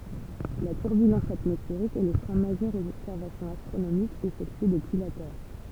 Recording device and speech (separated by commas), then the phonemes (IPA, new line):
temple vibration pickup, read sentence
la tyʁbylɑ̃s atmɔsfeʁik ɛ lə fʁɛ̃ maʒœʁ oz ɔbsɛʁvasjɔ̃z astʁonomikz efɛktye dəpyi la tɛʁ